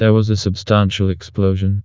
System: TTS, vocoder